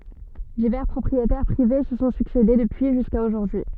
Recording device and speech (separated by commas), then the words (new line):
soft in-ear microphone, read sentence
Divers propriétaires privés se sont succédé depuis jusqu'à aujourd'hui.